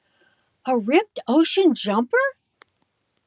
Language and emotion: English, surprised